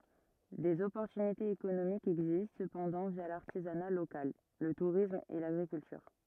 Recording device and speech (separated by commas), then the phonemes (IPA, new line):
rigid in-ear microphone, read sentence
dez ɔpɔʁtynitez ekonomikz ɛɡzist səpɑ̃dɑ̃ vja laʁtizana lokal lə tuʁism e laɡʁikyltyʁ